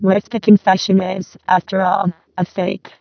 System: VC, vocoder